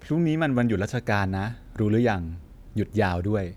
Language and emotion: Thai, neutral